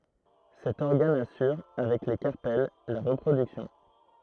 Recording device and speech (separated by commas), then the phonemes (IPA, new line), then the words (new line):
throat microphone, read sentence
sɛt ɔʁɡan asyʁ avɛk le kaʁpɛl la ʁəpʁodyksjɔ̃
Cet organe assure avec les carpelles la reproduction.